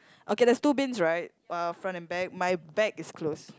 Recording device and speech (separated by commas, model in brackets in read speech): close-talking microphone, conversation in the same room